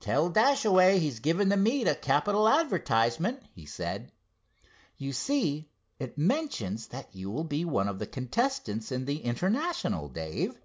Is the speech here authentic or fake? authentic